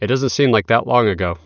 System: none